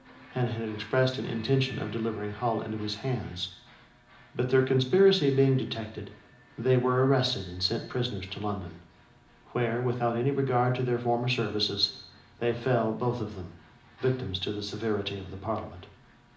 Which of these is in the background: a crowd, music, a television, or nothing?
A television.